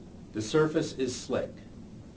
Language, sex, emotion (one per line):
English
male
neutral